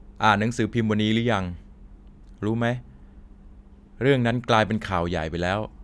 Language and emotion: Thai, frustrated